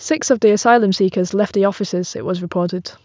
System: none